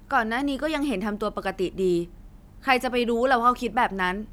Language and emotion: Thai, frustrated